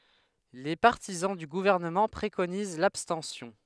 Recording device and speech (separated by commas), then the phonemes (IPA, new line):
headset microphone, read sentence
le paʁtizɑ̃ dy ɡuvɛʁnəmɑ̃ pʁekoniz labstɑ̃sjɔ̃